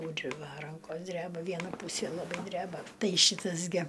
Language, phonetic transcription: Lithuanian, ˈtūri ˈva ˈrankos ˈdreba ˈviena ˈpūsė laˈbai ˈdreba ˈtai ˈšytas gi

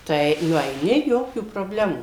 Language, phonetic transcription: Lithuanian, tai nueiˈni ˈjokių probˈlemų

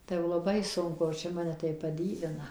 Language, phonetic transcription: Lithuanian, tai jau laˈbai ˈsunku o ˈčia ˈmane tai paˈdyvina

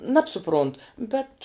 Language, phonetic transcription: Lithuanian, ˈnabsuˌpront ˈbet

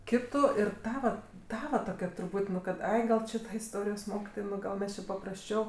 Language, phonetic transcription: Lithuanian, ˈkitu ir ˈtava ˈtava toˈkia truˈput' nu ˈkad ˈai gal ˈči ˈta isˈtorijos ˈmokitoj ˈgal mes či paprasˈčiau

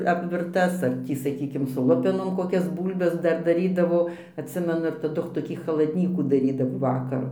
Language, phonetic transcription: Lithuanian, apvirˈtas ar ˈtį saˈkykim su ˈlupenom koˈkias ˈbūlbes ˈdar daˈrydavo atˈsimenu ir taˈdu toˈkį chaladˈnykų daˈrydavo ˈvakaru

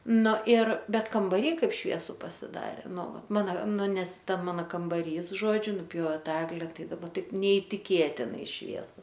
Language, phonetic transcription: Lithuanian, nu ir ˈbet kambaˈry ˈkaip ˈšviesu pasiˈdarė ˈnu ˈvat ˈmana ˈnu ˈnes ˈta ˈmana kambaˈrys ˈžodžiu nuˈpjove ˈta ˈegle ˈtai daˈba ˈtaip neitiˈkėtinai ˈšviesu

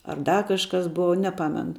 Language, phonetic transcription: Lithuanian, ar ˈda ˈkažkas ˈbova neˈpamenu

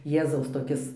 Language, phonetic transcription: Lithuanian, ˈjėzaus toˈkis

